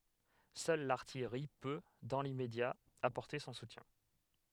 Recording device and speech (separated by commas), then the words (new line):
headset microphone, read sentence
Seule l'artillerie peut, dans l'immédiat, apporter son soutien.